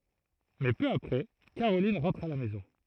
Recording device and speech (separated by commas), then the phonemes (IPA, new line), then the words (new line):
throat microphone, read sentence
mɛ pø apʁɛ kaʁolin ʁɑ̃tʁ a la mɛzɔ̃
Mais peu après, Caroline rentre à la maison.